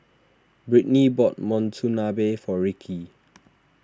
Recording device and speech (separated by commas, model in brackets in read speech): standing microphone (AKG C214), read sentence